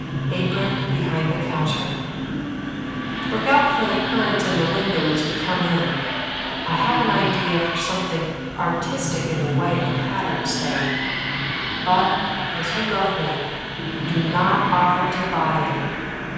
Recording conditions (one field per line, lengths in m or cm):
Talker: one person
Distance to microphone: 7.1 m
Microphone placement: far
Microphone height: 1.7 m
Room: very reverberant, large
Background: television